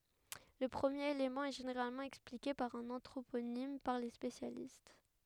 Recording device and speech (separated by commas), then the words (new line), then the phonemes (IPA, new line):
headset microphone, read sentence
Le premier élément est généralement expliqué par un anthroponyme par les spécialistes.
lə pʁəmjeʁ elemɑ̃ ɛ ʒeneʁalmɑ̃ ɛksplike paʁ œ̃n ɑ̃tʁoponim paʁ le spesjalist